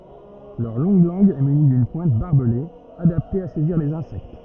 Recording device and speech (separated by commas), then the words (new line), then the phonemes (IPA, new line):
rigid in-ear microphone, read sentence
Leur longue langue est munie d'une pointe barbelée, adaptée à saisir les insectes.
lœʁ lɔ̃ɡ lɑ̃ɡ ɛ myni dyn pwɛ̃t baʁbəle adapte a sɛziʁ lez ɛ̃sɛkt